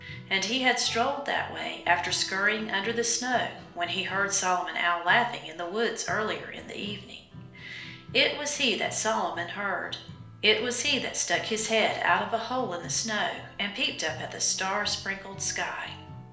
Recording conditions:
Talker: one person; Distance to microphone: 1.0 m; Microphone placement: close; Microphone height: 1.1 m; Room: small (3.7 m by 2.7 m); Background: music

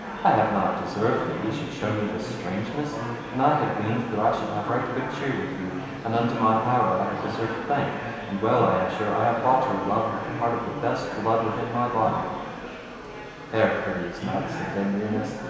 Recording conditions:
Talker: one person; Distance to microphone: 1.7 m; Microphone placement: close; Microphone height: 1.0 m; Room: very reverberant, large; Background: babble

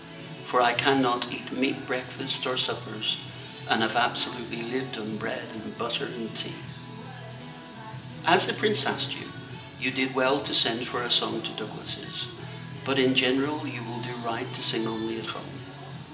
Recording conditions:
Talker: one person; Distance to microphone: 1.8 m; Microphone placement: close; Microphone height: 1.0 m; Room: large; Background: music

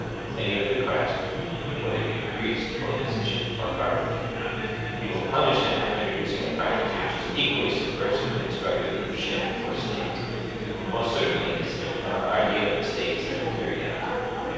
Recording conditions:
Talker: one person; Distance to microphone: 7.1 m; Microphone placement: far; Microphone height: 1.7 m; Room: very reverberant, large; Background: babble

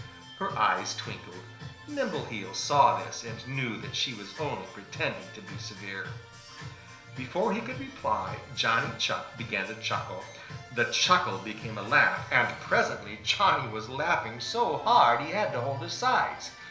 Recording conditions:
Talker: one person; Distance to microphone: 1.0 m; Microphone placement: close; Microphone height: 1.1 m; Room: small (3.7 m by 2.7 m); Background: music

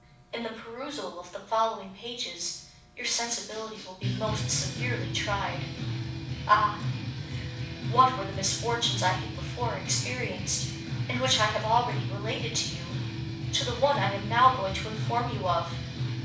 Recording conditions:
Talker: one person; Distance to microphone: 5.8 m; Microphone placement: far; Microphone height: 1.8 m; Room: medium-sized (5.7 m by 4.0 m); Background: music

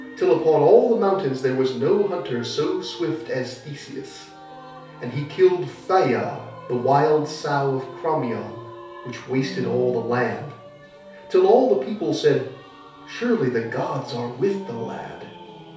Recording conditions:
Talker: one person; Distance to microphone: 3.0 m; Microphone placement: far; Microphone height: 1.8 m; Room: small (3.7 m by 2.7 m); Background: music

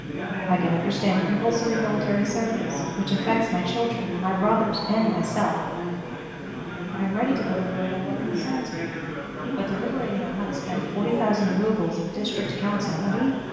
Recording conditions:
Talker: one person; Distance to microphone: 1.7 m; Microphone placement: close; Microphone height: 1.0 m; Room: very reverberant, large; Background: babble

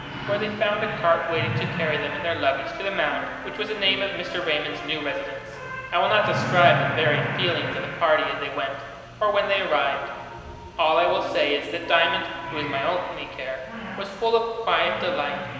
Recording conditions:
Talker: one person; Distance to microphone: 1.7 m; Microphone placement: close; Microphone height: 1.0 m; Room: very reverberant, large; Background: television

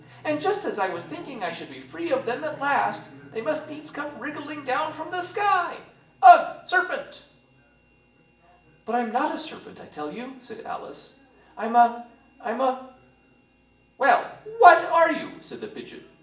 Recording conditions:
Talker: one person; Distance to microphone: 1.8 m; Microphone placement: close; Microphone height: 1.0 m; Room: large; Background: television

